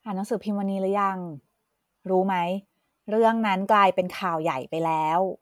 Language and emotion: Thai, neutral